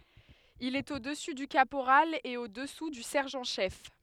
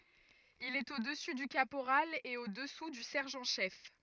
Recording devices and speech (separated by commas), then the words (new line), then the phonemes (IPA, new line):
headset microphone, rigid in-ear microphone, read sentence
Il est au-dessus du caporal et au-dessous du sergent-chef.
il ɛt o dəsy dy kapoʁal e o dəsu dy sɛʁʒɑ̃ ʃɛf